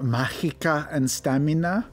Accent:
vague Spanish accent